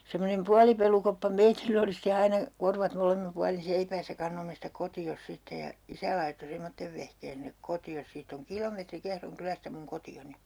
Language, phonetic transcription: Finnish, semmonem 'pualipelukoppa 'meitill ‿oli ste 'aina , 'korvat 'molemmim 'pualin̬ "seipäässä 'kannomme sitä 'koti₍os 'sitte ja , 'isä laitto 'semmottev vehkeen sinek 'koti₍os 'siitt ‿oŋ "kilometri 'Kehroŋ 'kylästä muŋ 'koti₍oni .
- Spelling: semmoinen puolipelukoppa meillä oli sitten aina korvat molemmin puolin seipäässä kannoimme sitä kotiin sitten ja isä laittoi semmoisen vehkeen sinne kotiin siitä on kilometri Kehron kylästä minun kotiini

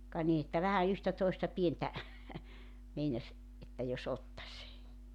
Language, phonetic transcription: Finnish, ka ni että 'vähä yhtä toista 'pientä , meinaś , että jos 'ottaś .
- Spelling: ka niin että vähän yhtä toista pientä meinasi että jos ottaisi

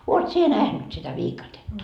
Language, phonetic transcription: Finnish, 'oot sie 'nähnyt sitä "viikatetta ?
- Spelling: olet sinä nähnyt sitä viikatetta

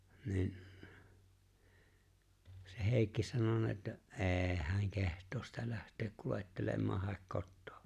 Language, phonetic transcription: Finnish, 'ni̬i̬n , se 'Hèi̬kki sanona ‿että , "’e̬e̬ⁱ 'hä̀̀ŋ 'keht̀oos sitä 'läht̀eek 'kulèttelemmaah 'haek "kottᴏᴏ .
- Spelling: niin se Heikki sanonut että ei hän kehtaa sitä lähteä kuljettelemaan hae kotoa

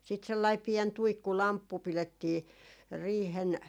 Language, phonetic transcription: Finnish, siit sellai 'piɛn 'tuikku"lamppu 'pilettii , 'riihen ,.
- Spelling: sitten sellainen pieni tuikkulamppu pidettiin riihen

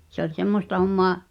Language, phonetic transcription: Finnish, se ‿oĺ 'semmosta hommoa ,.
- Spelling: se oli semmoista hommaa

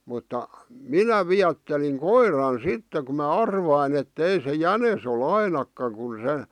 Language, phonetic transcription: Finnish, mutta , "minä "viätteliŋ "koiran 'sitte ku ma "arvain ‿et'tei se "jänes o"l ‿ainakkaŋ kun̬ se ,.
- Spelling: mutta minä viettelin koiran sitten kun minä arvasin että ei se jänis ole ainakaan kun se

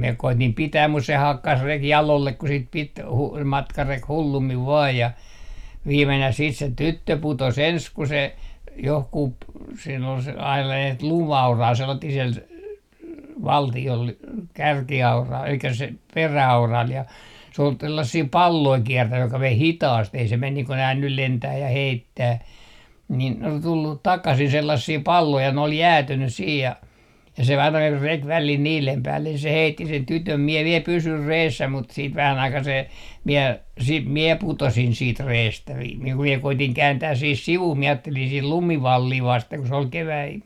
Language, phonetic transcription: Finnish, miɛ 'koitim 'pitääm mus se 'hakkas 'reki "jalollek 'ku sit pit , hu- , matkarek "hullummiv 'vaaj ja , 'viimenäh 'siit se "tyttö 'putos 'ens ku se , 'johkup , siin ‿ol ain (sellain) lum₍aura sanottih siel , "valti₍ol , 'kärki₍aura elikkä se "perä₍aural ja , s ‿ool 'tällässii "palloi 'kiɛrtäj joka vei "hitaast ei se 'men nii ko nää nyl 'lentää ja 'heittää , nin ol 'tullut "takasin 'sellassii "palloi ja ne ol "jäätynys siij ja , ja se aina rek välil niilem päällen se 'heitti sen 'tytöm mie 'viel "pysyr 'reessä mut siit vähän ‿aikaa se , miɛ , 'siit "mie 'putosin 'siit 'reestä vi- , ku mie 'koitiŋ 'kääntääs 'sih "sivuh mie 'aattelin 'sih "lumivallii 'vasteŋ ku se ol "keväi ,.
- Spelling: minä koetin pitää mutta se hakkasi reki jalolle kun sitä piti - matkareki hullummin vain ja viimenään sitten se tyttö putosi ensin kun se johonkin siinä oli aina sellainen lumiaura sanottiin siellä valtiolla kärkiaura eli se peräauralla ja se oli tällaisia palloja kiertänyt joka vei hitaasti ei se mene niin kuin nämä nyt lentää ja heittää niin oli tullut takaisin sellaisia palloja ja ne oli jäätynyt siinä ja ja se aina reki välillä niiden päälle se heitti sen tytön minä vielä pysyin reessä mutta sitten vähän aikaa se minä sitten minä putosin sitten reestä - kun minä koetin kääntää siihen sivuun minä ajattelin siihen lumivallia vasten kun se oli kevät

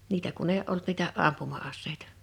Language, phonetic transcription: Finnish, 'niitä kun ‿èi ’olt niitä '’ampuma₍asseitᴀ .
- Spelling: niitä kun ei ollut niitä ampuma-aseita

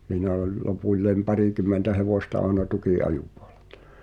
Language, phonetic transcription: Finnish, h̳iinä oĺ , 'lopuĺlèm "parìkum̆mentä hevòsta àᵉna 'tuki’’ajupᴜᴏʟᴇʟᴀ .
- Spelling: siinä oli lopulle parikymmentä hevosta aina tukinajopuolella

